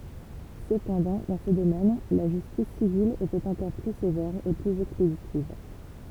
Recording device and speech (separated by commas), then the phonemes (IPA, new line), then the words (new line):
temple vibration pickup, read sentence
səpɑ̃dɑ̃ dɑ̃ sə domɛn la ʒystis sivil etɛt ɑ̃kɔʁ ply sevɛʁ e plyz ɛkspeditiv
Cependant, dans ce domaine, la justice civile était encore plus sévère et plus expéditive.